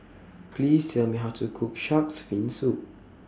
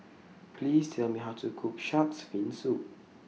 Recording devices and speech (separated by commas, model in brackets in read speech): standing microphone (AKG C214), mobile phone (iPhone 6), read sentence